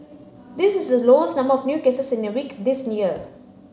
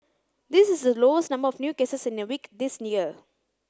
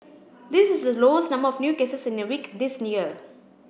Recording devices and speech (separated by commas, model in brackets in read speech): mobile phone (Samsung C9), close-talking microphone (WH30), boundary microphone (BM630), read sentence